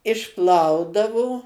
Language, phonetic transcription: Lithuanian, išˈplaudavo

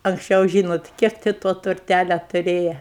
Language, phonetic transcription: Lithuanian, anksˈčiau ˈžynot ˈkiek ti to turˈtælia tuˈrėja

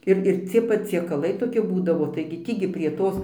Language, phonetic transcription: Lithuanian, ˈir ir ˈcie paciekaˈlai toˈki ˈbūdavo taigi ˈtį gi prie ˈtos

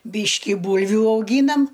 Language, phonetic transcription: Lithuanian, ˈbyški ˈbūlviu auˈgynam

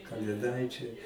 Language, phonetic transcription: Lithuanian, kalėˈdaičiai

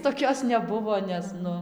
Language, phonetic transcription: Lithuanian, toˈkios neˈbuvo ˈnes ˈnu

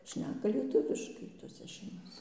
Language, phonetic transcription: Lithuanian, ˈšneka lieˈtuviškai toˈse šeimoˈse

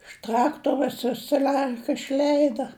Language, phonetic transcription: Lithuanian, iš ˈtraktoros vis saˈliarka išˈleida

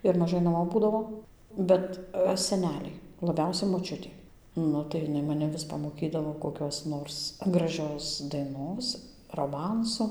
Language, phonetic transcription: Lithuanian, ir maˈžai naˈmo ˈbūdavo ˈbet seˈneliai laˈbiausia moˈčiutė ˈnu tai ˈjiˈnai maˈne vis pamoˈkydavo koˈkios ˈnors graˈžios daiˈnos roˈmansu

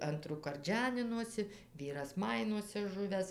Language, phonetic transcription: Lithuanian, ˈantrųkart ˈženinosi ˈvyras ˈmainuose ˈžuvęs

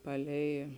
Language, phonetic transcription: Lithuanian, ˈpaˌlei

